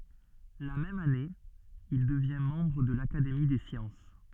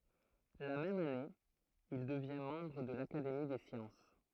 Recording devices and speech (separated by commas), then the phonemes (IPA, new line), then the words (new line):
soft in-ear microphone, throat microphone, read sentence
la mɛm ane il dəvjɛ̃ mɑ̃bʁ də lakademi de sjɑ̃s
La même année, il devient membre de l'Académie des sciences.